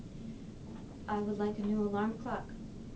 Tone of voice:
neutral